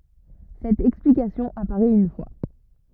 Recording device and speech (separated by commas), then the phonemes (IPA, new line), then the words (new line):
rigid in-ear microphone, read sentence
sɛt ɛksplikasjɔ̃ apaʁɛt yn fwa
Cette explication apparait une fois.